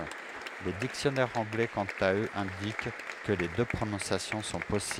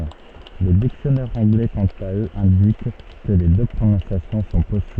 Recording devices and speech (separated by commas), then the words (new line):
headset microphone, soft in-ear microphone, read sentence
Les dictionnaires anglais quant à eux indiquent que les deux prononciations sont possibles.